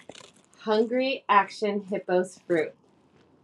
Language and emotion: English, happy